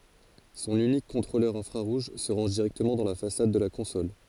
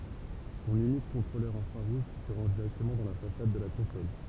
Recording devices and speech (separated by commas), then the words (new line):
forehead accelerometer, temple vibration pickup, read sentence
Son unique contrôleur infrarouge se range directement dans la façade de la console.